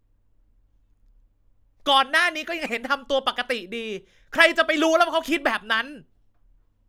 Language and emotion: Thai, angry